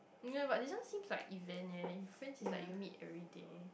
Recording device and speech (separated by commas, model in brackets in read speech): boundary microphone, conversation in the same room